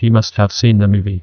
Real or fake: fake